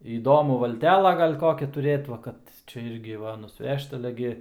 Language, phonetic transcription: Lithuanian, įˈdomu valˈtela ˈgal' ˈkokią tuˈrėt va ˈkad ˈčia ˈirgi ˈva nusˈvežt aˈle gi

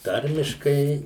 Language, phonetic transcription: Lithuanian, ˈtarmiškai

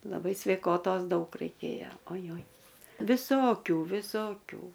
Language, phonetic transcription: Lithuanian, laˈbai sveiˈkotos ˈdaug raiˈkėjo oˈjoj viˈsokių viˈsokių

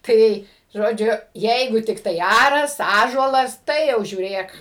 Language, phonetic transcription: Lithuanian, ˈtai ˈžodžiu ˈjeigu tikˈtai ˈaras ˈąžuolas ˈtai jau žiūˈrėk

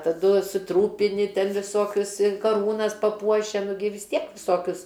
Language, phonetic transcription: Lithuanian, taˈdu suˈtrūpini ˈten viˈsokius i kaˈrūnas paˈpuošia nu gi vis ˈtiek viˈsokius

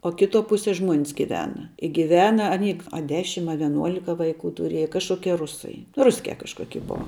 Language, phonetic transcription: Lithuanian, o ˈkiˌtuo ˈpusie ˈžmuon's giˈvena i giˈvena aˈny a ˈdešim a vieˈnuolika vaiˈkų tuˈrėja kažˈkokie ˈrusai ˈruskia kažˈkoki ˈbua

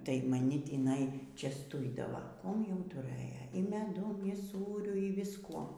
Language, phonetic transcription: Lithuanian, tai maˈni tįˈnai čiasˈtuidava ˈkuom jau tuˈrɘja y meˈdum y ˈsūriu y visˈkuo

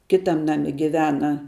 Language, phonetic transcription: Lithuanian, ˈkitam ˈnami giˈvena

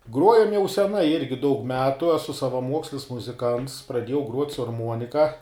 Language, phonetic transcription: Lithuanian, ˈgruojam jau seˈnai ˈirgi daug ˈmetu eˈsu savaˈmuokslis muziˈkants praˈdiejau gruot' su arˈmuonika

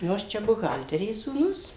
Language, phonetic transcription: Lithuanian, ˈnu aš ˈčia buˈhalterės sūˈnus

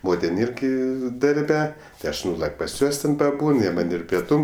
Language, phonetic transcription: Lithuanian, ˈmotin ˈirgi darˈbe tai ˈaš ˈnūlak' pas ˈjuos ten paˈbūn ˈjie man' ir pieˈtūm

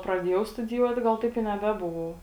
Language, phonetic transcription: Lithuanian, praˈdiejau studiˈjuot ˈgal ˈtaip i neˈbebuvau

